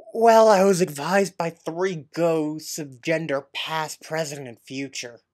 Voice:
Rough voice